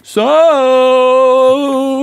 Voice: singsong voice